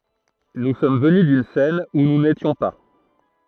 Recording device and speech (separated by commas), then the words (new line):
throat microphone, read sentence
Nous sommes venus d'une scène où nous n'étions pas.